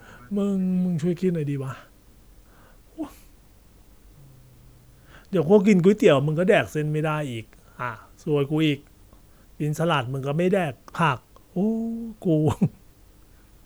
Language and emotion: Thai, frustrated